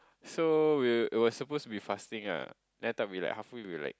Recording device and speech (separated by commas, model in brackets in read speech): close-talking microphone, conversation in the same room